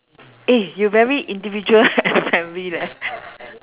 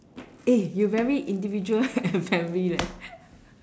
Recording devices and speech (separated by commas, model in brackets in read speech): telephone, standing microphone, conversation in separate rooms